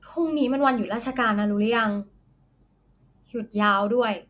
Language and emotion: Thai, neutral